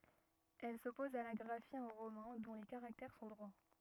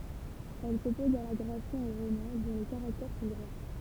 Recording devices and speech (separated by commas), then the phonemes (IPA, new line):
rigid in-ear microphone, temple vibration pickup, read sentence
ɛl sɔpɔz a la ɡʁafi ɑ̃ ʁomɛ̃ dɔ̃ le kaʁaktɛʁ sɔ̃ dʁwa